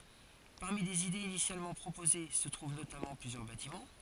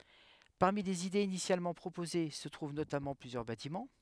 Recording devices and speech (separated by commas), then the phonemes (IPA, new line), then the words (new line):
forehead accelerometer, headset microphone, read sentence
paʁmi lez idez inisjalmɑ̃ pʁopoze sə tʁuv notamɑ̃ plyzjœʁ batimɑ̃
Parmi les idées initialement proposées se trouvent notamment plusieurs bâtiments.